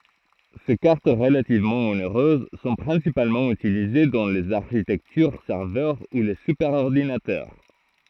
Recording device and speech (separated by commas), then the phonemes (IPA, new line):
throat microphone, read sentence
se kaʁt ʁəlativmɑ̃ oneʁøz sɔ̃ pʁɛ̃sipalmɑ̃ ytilize dɑ̃ lez aʁʃitɛktyʁ sɛʁvœʁ u le sypɛʁɔʁdinatœʁ